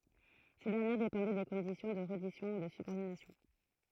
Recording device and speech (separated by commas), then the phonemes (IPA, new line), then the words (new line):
throat microphone, read sentence
se dɛʁnjɛʁ depɑ̃dɛ de kɔ̃disjɔ̃ də ʁɛdisjɔ̃ u də sybɔʁdinasjɔ̃
Ces dernières dépendaient des conditions de reddition ou de subordination.